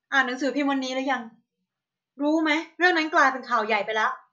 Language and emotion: Thai, angry